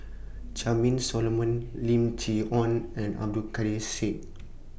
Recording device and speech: boundary microphone (BM630), read sentence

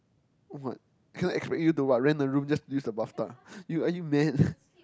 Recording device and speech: close-talking microphone, conversation in the same room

